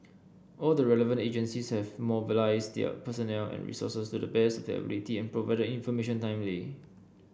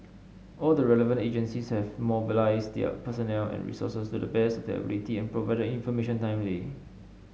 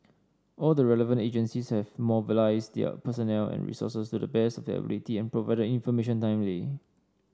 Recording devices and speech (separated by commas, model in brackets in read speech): boundary microphone (BM630), mobile phone (Samsung S8), standing microphone (AKG C214), read sentence